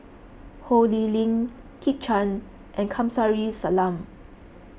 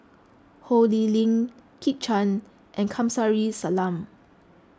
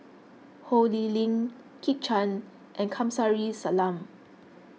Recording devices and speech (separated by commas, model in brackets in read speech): boundary microphone (BM630), close-talking microphone (WH20), mobile phone (iPhone 6), read sentence